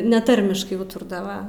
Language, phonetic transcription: Lithuanian, neˈtarmiškai ˈūturdava

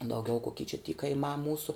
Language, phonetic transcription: Lithuanian, dauˈgiau koˈky čia ty kaiˈmā ˈmūsu

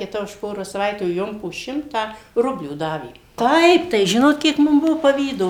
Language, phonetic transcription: Lithuanian, kiˈta už ˈporos saˈvaitių ˈjom po ˈšimtą ˈrublių ˈdavė ˈtaip tai ˈžinot ˈkiek ˈmum ˈbuvo paˈvydo

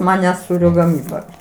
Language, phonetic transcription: Lithuanian, ˈmane ˈsūrio gaˈmyba

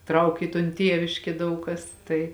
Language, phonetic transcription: Lithuanian, ˈtrauk i ton ˈtieviškė ˈdaug kas ˈtai

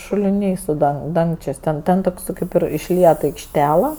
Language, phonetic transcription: Lithuanian, šuliˈniai su ˈdang ˈdangčės' ˈten ˈten toks ˈkaip ir išˈliet aikšˈtela

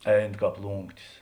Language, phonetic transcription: Lithuanian, ˈein ˈkāp ˈlūnktis

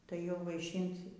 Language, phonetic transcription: Lithuanian, tai jau vaiˈšynt

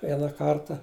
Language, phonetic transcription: Lithuanian, ˈviena ˈkarta

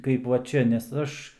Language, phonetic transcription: Lithuanian, kaip va ˈčia nes ˈaš

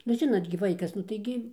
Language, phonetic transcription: Lithuanian, nu ˈžinot gi ˈvaikas nu tai ˈgi

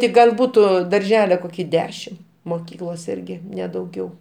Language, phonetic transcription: Lithuanian, ti ˈgal ˈbūtu darˈžele ˈkoki ˈdešim moˈkyklos ˈirgi ˈne dauˈgiau

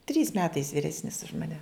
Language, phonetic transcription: Lithuanian, trys ˈmetais viˈresnis už maˈne

